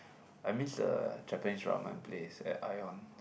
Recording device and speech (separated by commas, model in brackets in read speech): boundary microphone, conversation in the same room